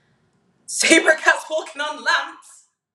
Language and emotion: English, angry